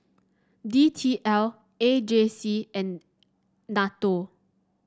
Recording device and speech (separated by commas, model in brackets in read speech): standing microphone (AKG C214), read sentence